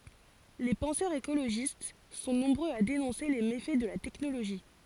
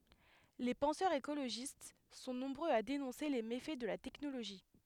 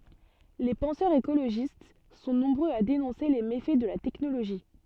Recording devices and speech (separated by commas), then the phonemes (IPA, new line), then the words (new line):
forehead accelerometer, headset microphone, soft in-ear microphone, read sentence
le pɑ̃sœʁz ekoloʒist sɔ̃ nɔ̃bʁøz a denɔ̃se le mefɛ də la tɛknoloʒi
Les penseurs écologistes sont nombreux à dénoncer les méfaits de la technologie.